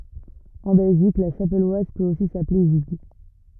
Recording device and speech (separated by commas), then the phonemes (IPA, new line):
rigid in-ear microphone, read sentence
ɑ̃ bɛlʒik la ʃapɛlwaz pøt osi saple ʒiɡ